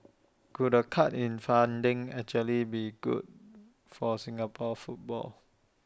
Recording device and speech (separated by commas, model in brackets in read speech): standing microphone (AKG C214), read sentence